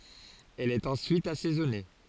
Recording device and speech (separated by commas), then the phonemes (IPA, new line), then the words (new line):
forehead accelerometer, read sentence
ɛl ɛt ɑ̃syit asɛzɔne
Elle est ensuite assaisonnée.